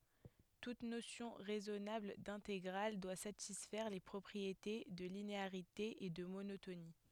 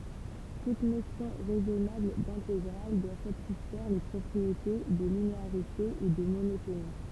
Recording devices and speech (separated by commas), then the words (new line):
headset microphone, temple vibration pickup, read sentence
Toute notion raisonnable d'intégrale doit satisfaire les propriétés de linéarité et de monotonie.